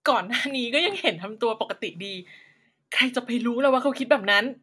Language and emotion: Thai, happy